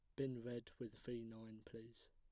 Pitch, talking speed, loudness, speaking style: 115 Hz, 190 wpm, -51 LUFS, plain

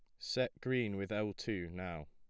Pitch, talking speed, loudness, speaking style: 105 Hz, 190 wpm, -39 LUFS, plain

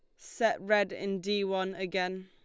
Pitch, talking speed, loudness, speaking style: 190 Hz, 175 wpm, -31 LUFS, Lombard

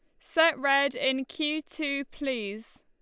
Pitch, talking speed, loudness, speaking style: 280 Hz, 135 wpm, -28 LUFS, Lombard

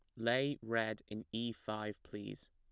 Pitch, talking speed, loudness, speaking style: 110 Hz, 155 wpm, -40 LUFS, plain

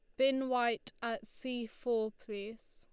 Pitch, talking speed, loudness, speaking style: 235 Hz, 145 wpm, -36 LUFS, Lombard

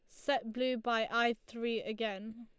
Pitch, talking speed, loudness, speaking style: 230 Hz, 165 wpm, -35 LUFS, Lombard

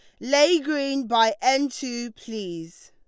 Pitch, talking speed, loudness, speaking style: 255 Hz, 135 wpm, -23 LUFS, Lombard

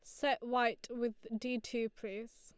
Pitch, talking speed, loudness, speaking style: 240 Hz, 165 wpm, -38 LUFS, Lombard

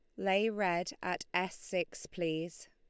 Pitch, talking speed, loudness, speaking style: 180 Hz, 145 wpm, -35 LUFS, Lombard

